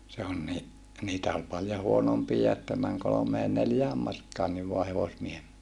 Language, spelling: Finnish, se on niin niitä oli paljon huonompia että meni kolmeen neljään markkaankin vain hevosmiehen
- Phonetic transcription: se on ni , niitä ol paljo huonompiija että mäŋ kolomee neljää markaanniv voa hevosmiehem .

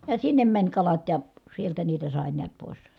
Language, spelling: Finnish, ja sinne meni kalat ja sieltä niitä sai näet pois
- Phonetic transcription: ja sinnem mäń kalat ja , sieltä niitä sàe niät pòi̮s .

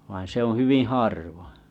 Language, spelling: Finnish, vaan se on hyvin harvoin
- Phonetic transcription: vain se ‿oo̰ 'hyviⁱ̰ 'harvoᵒ̰ .

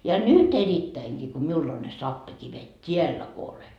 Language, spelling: Finnish, ja nyt erittäinkin kun minulla on ne sappikivet täällä kun olen
- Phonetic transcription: ja "nyt 'erittäiŋGii ko 'miul ‿on ne 'sappikivet "t́iällä ko ole .

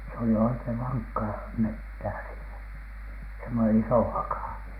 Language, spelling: Finnish, se oli oikein vankkaa metsää siinä semmoinen iso haka
- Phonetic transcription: s ‿oli 'oikeⁱv 'vaŋkkaa "mettää siinä , semmone "isò 'hakà .

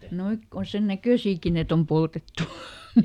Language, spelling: Finnish, nuo kun on sen näköisiäkin että on poltettu
- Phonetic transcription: ˈnoik ko on̬ sen "näkö̀siiki et ‿om ˈpoltettu .

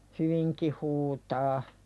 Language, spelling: Finnish, hyvinkin huutaa
- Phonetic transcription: hyviŋki huutaa .

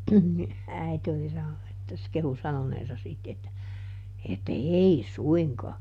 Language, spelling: Finnish, niin äiti oli sanonut että se kehui sanoneensa sitten että että ei suinkaan
- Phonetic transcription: ni , ˈäite oli ˈsanonu että se ˈkehu ˈsanoneesa sit että , että » "ei ˈsuiŋkaa » .

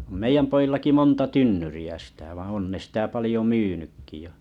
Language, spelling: Finnish, on meidän pojillakin monta tynnyriä sitä vaan on ne sitä paljon myynytkin ja
- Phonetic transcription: om meiʲäm po₍illaki 'monta 'tynnyri₍ä sĭtä vaaa̰ 'on ne sĭtä 'palĭjo "myynykki ja .

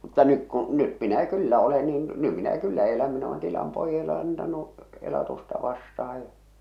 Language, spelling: Finnish, mutta nyt kun nyt minä kyllä olen niin nyt minä kyllä olen niin nyt minä kyllä elän minä olen tilan pojalle antanut elatusta vastaan ja
- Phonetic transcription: mutta nyk kuṵ , nyt minä 'kyllä ole niin , 'ny minä 'kyllä ole niin , 'ny minä "kyllä eläm min ‿olen tilam 'poijale antanu , 'elatusta vastaha ja .

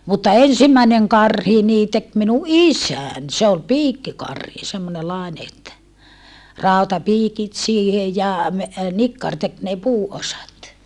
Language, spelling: Finnish, mutta ensimmäinen karhi niin teki minun isäni se oli piikkikarhi semmoinen - että rautapiikit siihen ja - nikkari teki ne puuosat
- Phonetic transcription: mutta ensimmäeneŋ karhi nii tek minu ʼisän , se ol piikkikarhi semmone (-laene) että , ràutapiikit siihe ja , me- , nikkar tek ne puu₍osat .

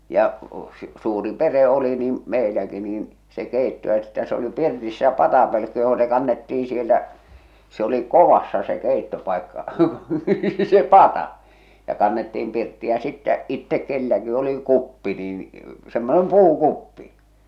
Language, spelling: Finnish, ja - suuri perhe oli niin meilläkin niin se keitto että se oli pirtissä patapölkky johon se kannettiin sieltä se oli kovassa se keittopaikka se pata ja kannettiin pirttiin ja sitten itse kenelläkin oli kuppi niin semmoinen puukuppi
- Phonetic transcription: ja , s- , suuri 'pere oli niim , 'meiläki niin , se 'kèitto ᵉttä se oli 'pirtissä 'patapölkky joho se kannettiiḭ sieltä , se oli "kovassa se 'kèittopàikka , se "pata , ja kannettiim pirtti ja sittä , 'ittek 'kelläki oli 'kuppi nin , semmonem "puu'kuppi .

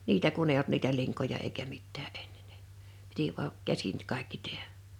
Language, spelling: Finnish, niitä kun ei ollut niitä linkoja eikä mitään ennen ne piti vain käsin kaikki tehdä
- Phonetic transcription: niitä kun ‿ei olt niitä 'liŋkoja eikä 'mittää "ᴇɴɴᴇɴ ɴᴇ , 'piti vua’ , 'käsin , 'kàikki 'tehᴀ̈ .

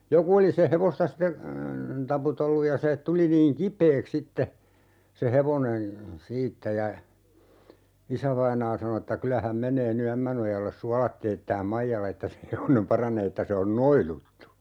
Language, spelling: Finnish, joku oli sen hevosta sitten taputellut ja se tuli niin kipeäksi sitten se hevonen siitä ja isävainaa sanoi että kyllä hän menee nyt Ämmänojalle suolat teettämään Maijalla että se hevonen paranee että se on noiduttu
- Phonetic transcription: "joku oli se 'hevosta ste , 'taputelluj ja se , 'tuli niiŋ "kip̀eeks 'sitte , se 'hevonen̬ , "siittä ja , 'isävainaa sano että » "kylä häm 'meǹee ny 'Ämmänojalles "sualat teettääm "Maijal ‿että se 'hevonem "paranee » että » se on "noiluttu » .

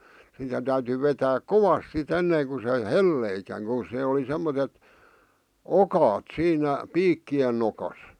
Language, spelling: Finnish, sitä täytyi vetää kovasti sitten ennen kuin se heltisikään kun se oli semmoiset okaat siinä piikkien nokassa
- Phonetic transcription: sitä täyty vetääk "kovas si't ‿en-neeŋ ku se "helleikäŋ ku (se) oli 'semmotet , "okaat 'siinä , 'piikki₍en nokas .

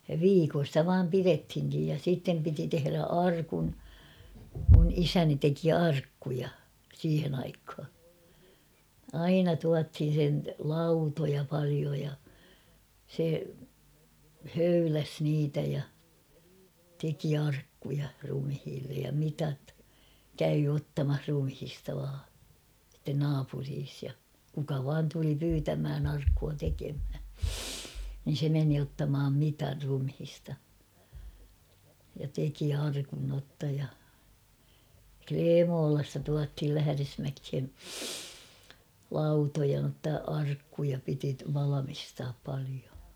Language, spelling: Finnish, ja viikon sitä vain pidettiinkin ja sitten piti tehdä arkun minun isäni teki arkkuja siihen aikaan aina tuotiin sen lautoja paljon ja se höyläsi niitä ja teki arkkuja ruumiille ja mitat kävi ottamassa ruumiista vain sitten naapurissa ja kuka vain tuli pyytämään arkkua tekemään niin se meni ottamaan mitat ruumiista ja teki arkun jotta ja Klemolasta tuotiin Lähdesmäkeen lautoja jotta arkkuja piti valmistaa paljon
- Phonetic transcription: ja 'viikon̬ stä 'vaam "pirethiŋkij ja 'sìttem piti 'tehᵉrä "arkun ; mun "isäni 'teki "arkkuja , 'siihen ‿aikha ; "aina 'tuathin̬ sen "lautoja 'palio ja , se , "höyläs 'niitä ja , 'teki "arkkuja rumhiillej ja 'mitat , "käy 'ottamah 'rumhista vaa , sitten 'naapuriis ja , kuka 'vaan tuli 'pyytämhän arkkua 'tekemhä , nin̬ se 'meni ottamaam 'mitar rumhista , ja teki 'arkun notta ja "Kleemoolasta tuathil 'lähᵃ̈resmäkhe , "lautoja notta 'arkkuja piti 'valamistaap palio .

